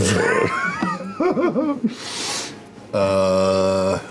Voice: deeply